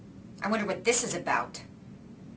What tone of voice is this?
disgusted